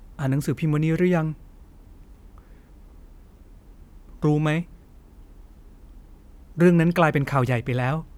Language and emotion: Thai, sad